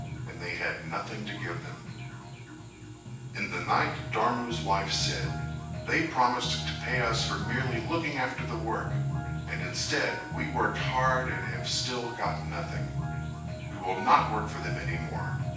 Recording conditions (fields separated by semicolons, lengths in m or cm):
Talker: one person; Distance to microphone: 9.8 m; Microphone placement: far; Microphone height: 1.8 m; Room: large; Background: music